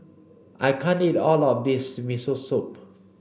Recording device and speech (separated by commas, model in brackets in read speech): boundary microphone (BM630), read sentence